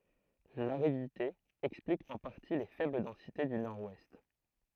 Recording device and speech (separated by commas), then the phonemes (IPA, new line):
throat microphone, read sentence
laʁidite ɛksplik ɑ̃ paʁti le fɛbl dɑ̃site dy nɔʁwɛst